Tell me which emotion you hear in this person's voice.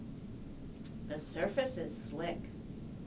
neutral